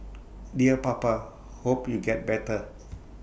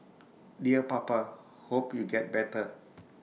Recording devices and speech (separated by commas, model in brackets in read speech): boundary microphone (BM630), mobile phone (iPhone 6), read sentence